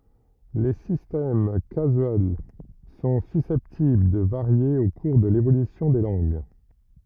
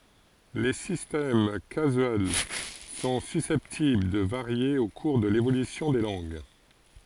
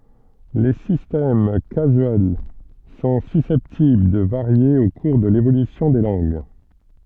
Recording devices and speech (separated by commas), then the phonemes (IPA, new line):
rigid in-ear microphone, forehead accelerometer, soft in-ear microphone, read sentence
le sistɛm kazyɛl sɔ̃ sysɛptibl də vaʁje o kuʁ də levolysjɔ̃ de lɑ̃ɡ